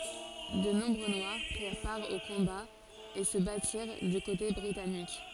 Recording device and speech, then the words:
forehead accelerometer, read sentence
De nombreux Noirs prirent part aux combats et se battirent du côté britannique.

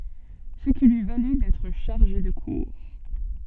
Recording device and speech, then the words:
soft in-ear microphone, read sentence
Ce qui lui valut d'être chargé de cours.

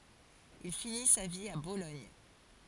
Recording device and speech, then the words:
forehead accelerometer, read sentence
Il finit sa vie à Bologne.

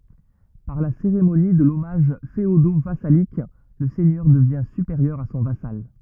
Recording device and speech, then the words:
rigid in-ear microphone, read sentence
Par la cérémonie de l'hommage féodo-vassalique, le seigneur devient supérieur à son vassal.

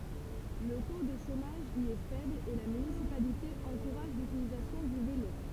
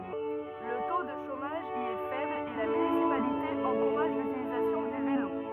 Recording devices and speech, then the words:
temple vibration pickup, rigid in-ear microphone, read sentence
Le taux de chômage y est faible, et la municipalité encourage l'utilisation du vélo.

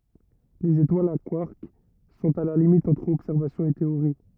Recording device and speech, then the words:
rigid in-ear microphone, read sentence
Les étoiles à quarks sont à la limite entre observation et théorie.

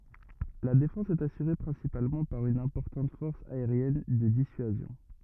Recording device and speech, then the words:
rigid in-ear microphone, read sentence
La défense est assurée principalement par une importante force aérienne de dissuasion.

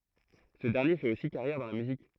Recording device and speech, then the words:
throat microphone, read sentence
Ce dernier fait aussi carrière dans la musique.

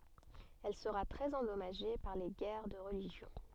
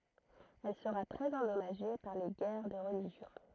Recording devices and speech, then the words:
soft in-ear microphone, throat microphone, read sentence
Elle sera très endommagée par les guerres de religion.

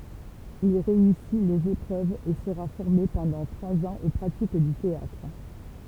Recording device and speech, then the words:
temple vibration pickup, read sentence
Il réussit les épreuves et sera formé pendant trois ans aux pratiques du théâtre.

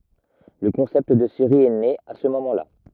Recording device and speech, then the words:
rigid in-ear microphone, read sentence
Le concept de série est né à ce moment là.

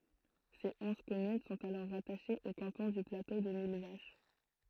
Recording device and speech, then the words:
throat microphone, read sentence
Ses onze communes sont alors rattachées au canton du Plateau de Millevaches.

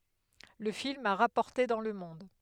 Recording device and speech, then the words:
headset microphone, read sentence
Le film a rapporté dans le monde.

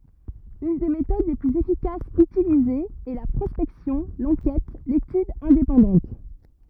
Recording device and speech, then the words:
rigid in-ear microphone, read sentence
Une des méthodes les plus efficaces utilisées est la prospection, l'enquête, l'étude indépendantes.

